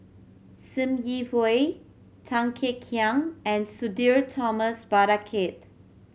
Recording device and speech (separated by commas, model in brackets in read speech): mobile phone (Samsung C7100), read sentence